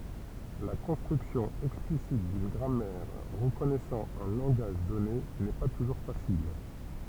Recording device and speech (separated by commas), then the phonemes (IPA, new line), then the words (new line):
temple vibration pickup, read sentence
la kɔ̃stʁyksjɔ̃ ɛksplisit dyn ɡʁamɛʁ ʁəkɔnɛsɑ̃ œ̃ lɑ̃ɡaʒ dɔne nɛ pa tuʒuʁ fasil
La construction explicite d'une grammaire reconnaissant un langage donné n'est pas toujours facile.